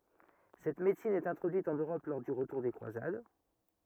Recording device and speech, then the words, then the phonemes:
rigid in-ear microphone, read sentence
Cette médecine est introduite en Europe lors du retour des croisades.
sɛt medəsin ɛt ɛ̃tʁodyit ɑ̃n øʁɔp lɔʁ dy ʁətuʁ de kʁwazad

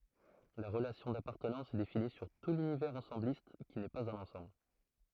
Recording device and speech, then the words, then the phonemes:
throat microphone, read sentence
La relation d'appartenance est définie sur tout l'univers ensembliste, qui n'est pas un ensemble.
la ʁəlasjɔ̃ dapaʁtənɑ̃s ɛ defini syʁ tu lynivɛʁz ɑ̃sɑ̃blist ki nɛ paz œ̃n ɑ̃sɑ̃bl

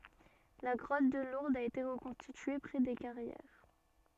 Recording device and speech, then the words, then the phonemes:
soft in-ear microphone, read sentence
La grotte de Lourdes a été reconstituée près des Carrières.
la ɡʁɔt də luʁdz a ete ʁəkɔ̃stitye pʁɛ de kaʁjɛʁ

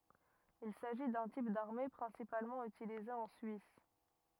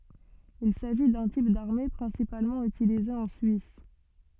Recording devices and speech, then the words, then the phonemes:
rigid in-ear microphone, soft in-ear microphone, read sentence
Il s'agit d'un type d'armées principalement utilisé en Suisse.
il saʒi dœ̃ tip daʁme pʁɛ̃sipalmɑ̃ ytilize ɑ̃ syis

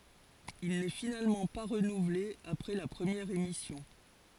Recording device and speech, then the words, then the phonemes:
forehead accelerometer, read sentence
Il n'est finalement pas renouvelé après la première émission.
il nɛ finalmɑ̃ pa ʁənuvle apʁɛ la pʁəmjɛʁ emisjɔ̃

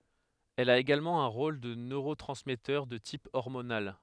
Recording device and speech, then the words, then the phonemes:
headset microphone, read sentence
Elle a également un rôle de neurotransmetteur de type hormonal.
ɛl a eɡalmɑ̃ œ̃ ʁol də nøʁotʁɑ̃smɛtœʁ də tip ɔʁmonal

